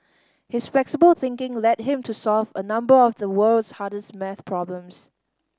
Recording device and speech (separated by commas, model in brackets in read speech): standing microphone (AKG C214), read sentence